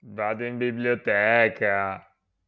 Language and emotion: Italian, disgusted